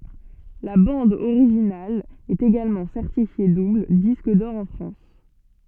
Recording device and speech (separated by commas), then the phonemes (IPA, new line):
soft in-ear microphone, read sentence
la bɑ̃d oʁiʒinal ɛt eɡalmɑ̃ sɛʁtifje dubl disk dɔʁ ɑ̃ fʁɑ̃s